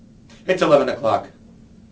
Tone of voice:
neutral